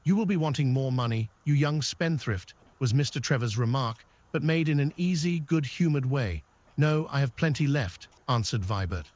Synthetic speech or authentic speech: synthetic